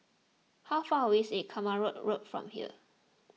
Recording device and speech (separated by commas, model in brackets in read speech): mobile phone (iPhone 6), read sentence